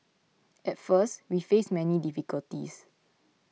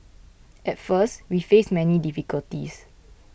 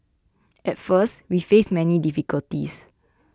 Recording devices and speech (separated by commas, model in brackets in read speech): mobile phone (iPhone 6), boundary microphone (BM630), close-talking microphone (WH20), read sentence